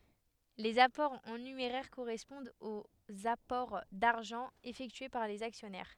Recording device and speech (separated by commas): headset microphone, read sentence